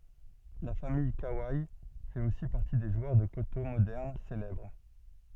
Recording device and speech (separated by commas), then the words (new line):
soft in-ear microphone, read sentence
La famille Kawai fait aussi partie des joueurs de koto moderne célèbres.